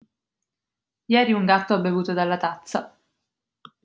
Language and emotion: Italian, neutral